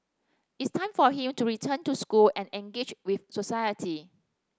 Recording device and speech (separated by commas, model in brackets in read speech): standing microphone (AKG C214), read sentence